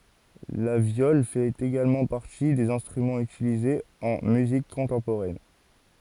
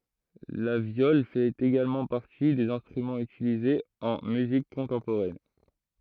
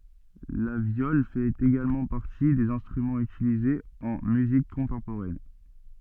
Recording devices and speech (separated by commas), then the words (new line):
forehead accelerometer, throat microphone, soft in-ear microphone, read sentence
La viole fait également partie des instruments utilisés en musique contemporaine.